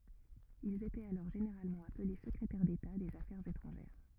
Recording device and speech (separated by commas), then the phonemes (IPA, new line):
rigid in-ear microphone, read sentence
ilz etɛt alɔʁ ʒeneʁalmɑ̃ aple səkʁetɛʁ deta dez afɛʁz etʁɑ̃ʒɛʁ